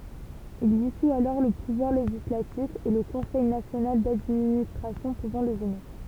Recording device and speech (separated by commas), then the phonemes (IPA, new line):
temple vibration pickup, read sentence
il disu alɔʁ lə puvwaʁ leʒislatif e lə kɔ̃sɛj nasjonal dadministʁasjɔ̃ puvɑ̃ lə ʒɛne